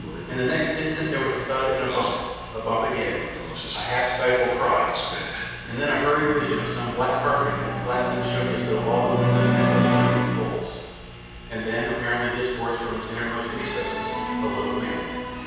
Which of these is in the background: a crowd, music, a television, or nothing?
A television.